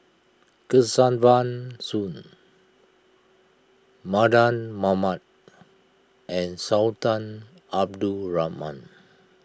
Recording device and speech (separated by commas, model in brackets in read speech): close-talking microphone (WH20), read sentence